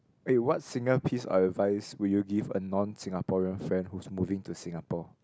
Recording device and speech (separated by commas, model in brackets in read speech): close-talking microphone, conversation in the same room